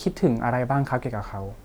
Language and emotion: Thai, neutral